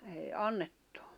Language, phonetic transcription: Finnish, èi 'annettᴜ .
- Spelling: ei annettu

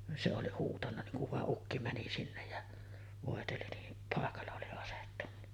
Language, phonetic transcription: Finnish, se oli 'huutanna niŋ kuv 'vàeˀ "ˀukki 'mäni sinnej ja , vòeteli nii , pàekalla oli asettunna .
- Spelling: se oli huutanut niin kun vai ukki meni sinne ja voiteli niin paikalla oli asettunut

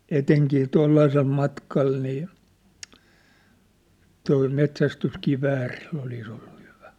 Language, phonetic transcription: Finnish, 'eteŋkii 'toillaisel 'matkal nii , tol met̳s̳ästyskiväärill ‿olis ‿ollu hyᴠᴀ̈ .
- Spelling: etenkin tuollaisella matkalla niin tuolla metsästyskiväärillä olisi ollut hyvä

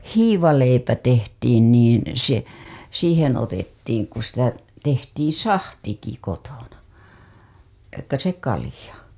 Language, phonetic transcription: Finnish, hiivaleipä 'tehtiin niin̬ , se , 'siihen̬ otettiiŋ ku sitä , tehtiiḭ "sahtiki 'kotona , taikka se 'kalĭja .
- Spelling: hiivaleipä tehtiin niin se siihen otettiin kun sitä tehtiin sahtikin kotona taikka se kalja

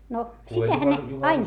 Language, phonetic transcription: Finnish, no , sitähän ne , ain ,.
- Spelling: no sitähän ne aina

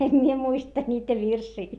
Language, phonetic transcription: Finnish, em mie muista ńiitä virsii .
- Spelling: en minä muista niitä virsiä

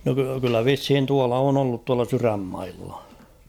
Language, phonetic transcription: Finnish, no ky- kyllä "vishin 'tuala on ‿ollut tuala 'sy-rämmailla .
- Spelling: no - kyllä vissiin tuolla on ollut tuolla sydänmailla

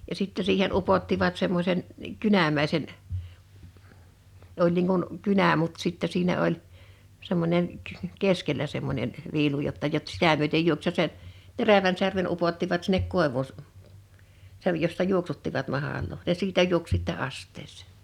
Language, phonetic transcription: Finnish, ja 'sitte siihen 'upottivat 'semmośen , "kynämä̀isen , 'oĺ niiŋ kun , "kynä mut 'sittɛ siinä 'oĺ , 'semmońen , "keskellä 'semmońen , 'viilu jotta jot 's"^tä myötej 'juoks se se , 'terävän särmen 'upottivat 'sinnek 'kòevù s- , sej jossa "juoksuttivat 'mahàloo ja 'siitä juoks sittɛ 'asttees̆sᴇ̀ .
- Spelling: ja sitten siihen upottivat semmoisen kynämäisen oli niin kuin kynä mutta sitten siinä oli semmoinen keskellä semmoinen viilu jotta jotta sitä myöten juoksi se se terävän särmän upottivat sinne koivuun - sen jossa juoksuttivat mahlaa ja siitä juoksi sitten astiaan

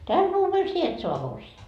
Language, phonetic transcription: Finnish, "täl 'vuuvel "sie et 'soa 'morsi₍aa .
- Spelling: tällä vuodella sinä et saa morsianta

